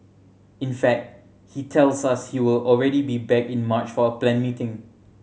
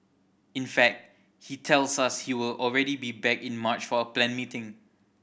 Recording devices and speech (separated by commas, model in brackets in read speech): mobile phone (Samsung C7100), boundary microphone (BM630), read sentence